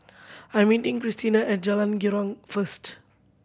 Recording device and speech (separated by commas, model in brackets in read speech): boundary microphone (BM630), read sentence